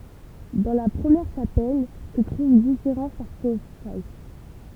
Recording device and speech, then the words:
temple vibration pickup, read sentence
Dans la première chapelle se trouvent différents sarcophages.

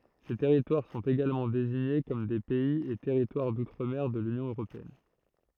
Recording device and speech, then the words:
throat microphone, read sentence
Ces territoires sont également désignés comme des Pays et territoires d'outre-mer de l'Union européenne.

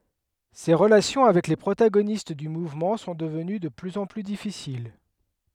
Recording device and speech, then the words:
headset microphone, read sentence
Ses relations avec les protagonistes du mouvement sont devenues de plus en plus difficiles.

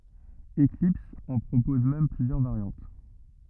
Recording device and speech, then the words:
rigid in-ear microphone, read sentence
Eclipse en propose même plusieurs variantes.

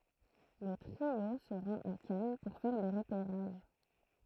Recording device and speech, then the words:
throat microphone, read sentence
Le trio se rend à Cannes pour faire des repérages.

